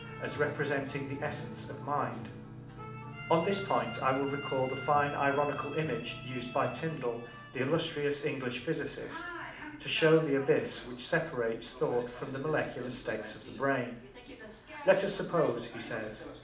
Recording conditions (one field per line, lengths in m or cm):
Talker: one person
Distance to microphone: 2.0 m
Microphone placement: close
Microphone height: 99 cm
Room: medium-sized (5.7 m by 4.0 m)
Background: television